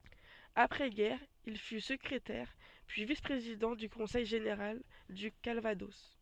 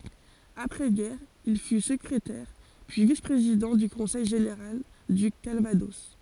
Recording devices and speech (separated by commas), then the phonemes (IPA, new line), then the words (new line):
soft in-ear microphone, forehead accelerometer, read sentence
apʁɛ ɡɛʁ il fy səkʁetɛʁ pyi vis pʁezidɑ̃ dy kɔ̃sɛj ʒeneʁal dy kalvadɔs
Après-guerre, il fut secrétaire, puis vice-président du conseil général du Calvados.